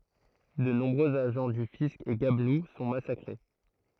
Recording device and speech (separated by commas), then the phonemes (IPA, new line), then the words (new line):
throat microphone, read sentence
də nɔ̃bʁøz aʒɑ̃ dy fisk e ɡablu sɔ̃ masakʁe
De nombreux agents du fisc et gabelous sont massacrés.